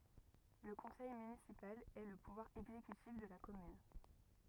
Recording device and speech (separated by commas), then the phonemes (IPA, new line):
rigid in-ear microphone, read sentence
lə kɔ̃sɛj mynisipal ɛ lə puvwaʁ ɛɡzekytif də la kɔmyn